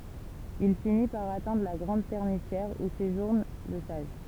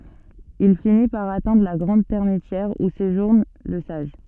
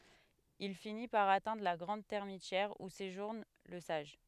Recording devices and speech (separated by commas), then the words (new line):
temple vibration pickup, soft in-ear microphone, headset microphone, read sentence
Il finit par atteindre la grande termitière où séjourne le sage.